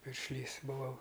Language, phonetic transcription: Lithuanian, piršˈlys buˈvau

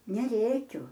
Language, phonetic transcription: Lithuanian, neˈrėkiu

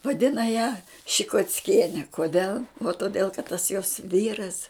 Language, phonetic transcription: Lithuanian, vaˈdina ją šikocˈkieni koˈdel o toˈdėl kad tas jos ˈvyras

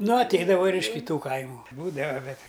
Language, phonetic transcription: Lithuanian, ˈnu atˈeidava ir iš kiˈtų ˈkaimu ˈbūdava ˈbet

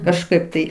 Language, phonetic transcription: Lithuanian, kažˈkaip tai

